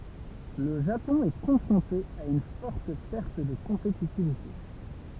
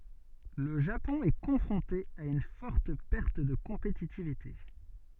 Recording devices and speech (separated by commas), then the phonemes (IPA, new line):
temple vibration pickup, soft in-ear microphone, read sentence
lə ʒapɔ̃ ɛ kɔ̃fʁɔ̃te a yn fɔʁt pɛʁt də kɔ̃petitivite